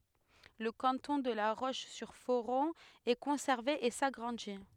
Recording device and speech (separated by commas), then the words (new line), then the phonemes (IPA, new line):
headset microphone, read sentence
Le canton de La Roche-sur-Foron est conservé et s'agrandit.
lə kɑ̃tɔ̃ də la ʁoʃzyʁfoʁɔ̃ ɛ kɔ̃sɛʁve e saɡʁɑ̃di